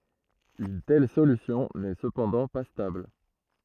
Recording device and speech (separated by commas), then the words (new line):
throat microphone, read sentence
Une telle solution n'est cependant pas stable.